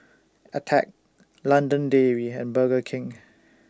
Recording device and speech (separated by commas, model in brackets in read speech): standing microphone (AKG C214), read sentence